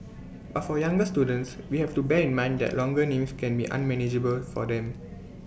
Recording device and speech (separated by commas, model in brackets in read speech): boundary microphone (BM630), read sentence